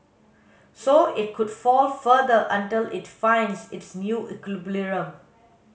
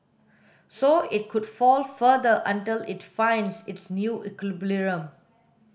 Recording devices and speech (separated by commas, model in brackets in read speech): mobile phone (Samsung S8), boundary microphone (BM630), read sentence